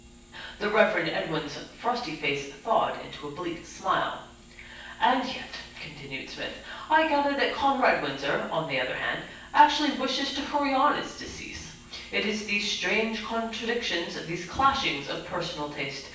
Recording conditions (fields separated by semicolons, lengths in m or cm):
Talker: one person; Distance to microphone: 9.8 m; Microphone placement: far; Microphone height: 1.8 m; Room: large; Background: none